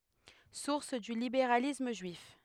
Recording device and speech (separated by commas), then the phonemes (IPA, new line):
headset microphone, read sentence
suʁs dy libeʁalism ʒyif